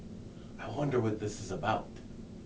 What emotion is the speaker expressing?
fearful